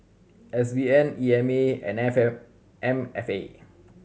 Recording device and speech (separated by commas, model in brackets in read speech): mobile phone (Samsung C7100), read sentence